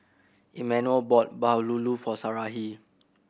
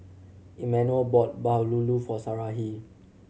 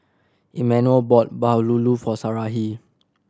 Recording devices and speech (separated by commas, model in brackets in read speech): boundary microphone (BM630), mobile phone (Samsung C7100), standing microphone (AKG C214), read sentence